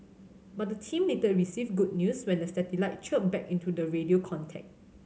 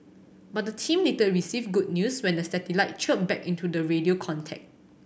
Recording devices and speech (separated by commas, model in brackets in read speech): mobile phone (Samsung C7100), boundary microphone (BM630), read sentence